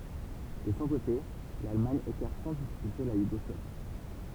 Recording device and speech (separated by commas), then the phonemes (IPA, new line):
temple vibration pickup, read sentence
də sɔ̃ kote lalmaɲ ekaʁt sɑ̃ difikylte la juɡɔslavi